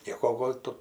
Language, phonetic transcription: Lithuanian, ˈnieko ˈgol' tu

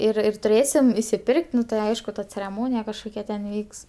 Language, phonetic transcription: Lithuanian, ir ir tuˈrėsim isiˈpirk't' ˈnu tai ˈaišku ta cereˈmonija kažˈkokia ten ˈvyks

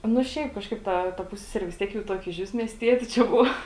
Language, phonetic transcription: Lithuanian, nu ˈšiaip ˈkažkaip ˈta ta ˈpusseseri vis ˈtiek jau ˈtuokia išˈvis miesˈtieti čia ˈbuva

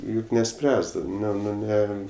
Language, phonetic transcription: Lithuanian, ˈjuk neˈspręsdavai ˈne ˈnu ˈne

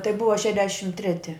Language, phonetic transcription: Lithuanian, tai ˈbuva ˈšedešim ˈtreti

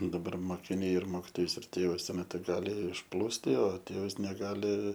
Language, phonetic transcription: Lithuanian, daˈbar mokiˈniai ir ˈmokitojus ir ˈtėvus ˈtuo ˈmetu ˈgali išˈplūsti o ˈtėvas neˈgali

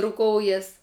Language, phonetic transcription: Lithuanian, ruˈkoujas

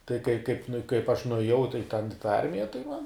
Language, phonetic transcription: Lithuanian, tai kai kaip nu i kaip aš nuėˈjau tai ten i tą ˈarmija tai man

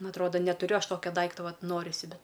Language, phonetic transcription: Lithuanian, ˈnu atˈroda netuˈriu ˈaš ˈtokia ˈdaikto ˈvat ˈnorisi ˈbet

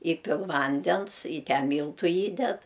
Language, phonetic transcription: Lithuanian, ˈįpil ˈvandens i ˈten ˈmyltu ˈįded

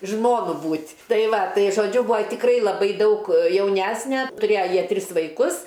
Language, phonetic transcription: Lithuanian, ˈžmonu ˈbūt' ˈtai ˈva ˈtai žoˈdžiu ˈbūa tikˈrai laˈbai ˈdaug jauˈnæsne tuˈrėja ˈjie ˈtris vaiˈkus

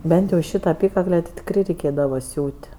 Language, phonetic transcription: Lithuanian, ˈbent jau ˈšyta aˈpykakle ti tikˈrai reiˈkėdavo ˈsiūt'

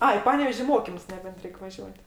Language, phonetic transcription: Lithuanian, ˈai i ˈpanevež' i ˈmokimus neˈbent ˈreik vaˈžiuot'

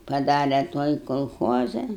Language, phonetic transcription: Lithuanian, paˈdare ˈtuoj kolˈchoza

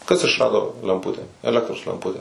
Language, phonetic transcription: Lithuanian, kas išˈrado lemˈpute eˈlektros lemˈpute

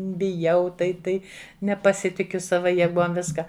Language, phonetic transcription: Lithuanian, biˈjau tai ˈtai nepaˈsitikiu ˈsava jeˈguom ˈviska

